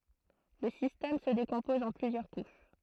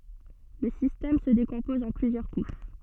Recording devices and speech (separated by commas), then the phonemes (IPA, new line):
throat microphone, soft in-ear microphone, read sentence
lə sistɛm sə dekɔ̃pɔz ɑ̃ plyzjœʁ kuʃ